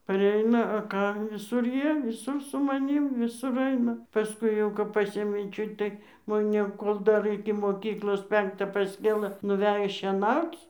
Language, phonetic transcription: Lithuanian, paˈreina a ˈką viˈsur ˈjie viˈsur su maˈnym viˈsur ˈaina paˈskui jau kap ˈpasėmė ˈčiut tai moˈne ˈkol dar iki moˈkyklos ˈpenktą pasˈkėlɘ nuˈvejo šieˈnauc

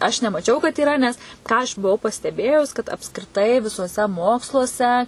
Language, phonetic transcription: Lithuanian, aš nemaˈčiau kad yˈra nes ˈką aš buˈvau pasteˈbėjus kad apskriˈtai visuoˈse ˈmoksluose

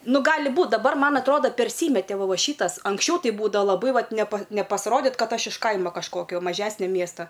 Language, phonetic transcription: Lithuanian, ˈnu ˈgali ˈbūt daˈbar ˈman atˈroda perˈsymete ˈva ˈva ˈšytas anksˈčiau ti ˈbūdava laˈbai ˈvat nepa nepasˈrodit ˈkad ˈaš iš ˈkaimo kažˈkokio maˈžesnio ˈmiesta

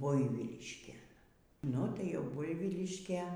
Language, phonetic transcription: Lithuanian, ˈbuivyliškėn ˈnu ˈtai ˈjau ˈbuivyliškė

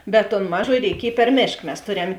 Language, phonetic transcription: Lithuanian, bet ton ˈmaˌžoji reiˈkiej per ˈmėšk mes ˈtoˌrem

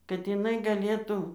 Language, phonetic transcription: Lithuanian, kad jiˈnai gaˈlėtu

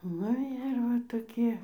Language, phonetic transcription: Lithuanian, ˈnu ir ˈva toˈkie

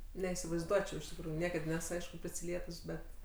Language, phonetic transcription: Lithuanian, neįsivaizˈduočiau iš tikˈrųjųˈniekad ˈnes ˈaišku prisiˈlietus ˈbet

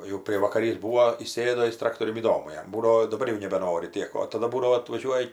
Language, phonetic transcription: Lithuanian, jau prievakaˈrys ˈbūo įˈsėdo ˈjis ˈtraktoriun įˈdomu ˈjam ˈbūdavo daˈbar jau nebeˈnori ˈtiek o taˈda ˈbūdavo atvaˈžiuoja

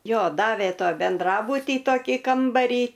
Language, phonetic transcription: Lithuanian, ˈjo ˈdavė ˈto benˈdrabutį ˈtokį ˈkambarį

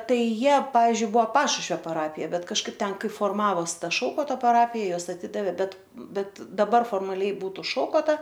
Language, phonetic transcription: Lithuanian, ˈtai ˈjie ˈpavyzdžiui ˈbua ˈpašušvio paˈrapija ˈbet kažˈkaip ˈten ˈkai forˈmavos ˈta ˈšaukoto paˈrapija ˈjuos aˈtidavė ˈbet ˈbet daˈbar formaˈliai ˈbūtu ˈšaukota

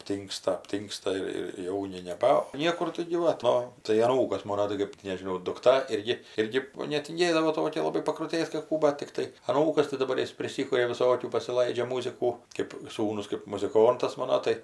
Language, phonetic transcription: Lithuanian, apˈtyngsta apˈtyngsta ir ir ˈjauni neˈba ˈniekur taigi ˈva ˈto tai aˈnūkas ˈmono tai ˈkɜp ti nežiˈnau dukˈta ˈirgi ˈirgi netinˈgėdavo ˈtokia laˈbai pakrutėt kad ˈkų ˈbat tikˈtai aˈnūkas tai daˈbar ˈjis priˈsikuria viˈsokių pasiˈlaidžia ˈmūzikų kėp ˈsūnus kɜp muziˈkontas ˈmano tai

